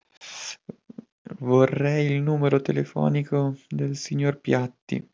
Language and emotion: Italian, sad